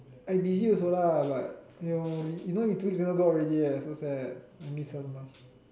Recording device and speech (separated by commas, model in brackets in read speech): standing microphone, conversation in separate rooms